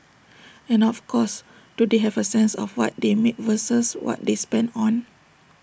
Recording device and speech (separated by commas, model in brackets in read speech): boundary microphone (BM630), read sentence